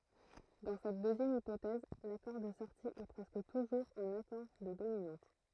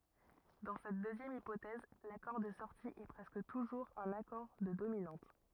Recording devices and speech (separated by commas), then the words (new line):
throat microphone, rigid in-ear microphone, read sentence
Dans cette deuxième hypothèse, l'accord de sortie est presque toujours un accord de dominante.